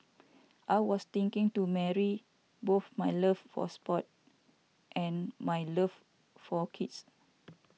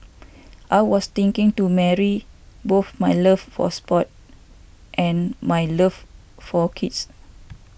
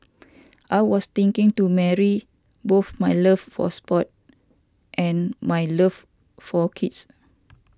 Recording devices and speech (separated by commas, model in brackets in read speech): mobile phone (iPhone 6), boundary microphone (BM630), standing microphone (AKG C214), read sentence